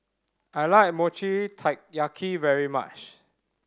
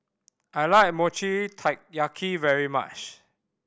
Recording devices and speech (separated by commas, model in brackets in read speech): standing microphone (AKG C214), boundary microphone (BM630), read sentence